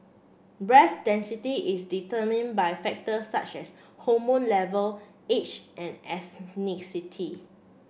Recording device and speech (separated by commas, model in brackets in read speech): boundary microphone (BM630), read sentence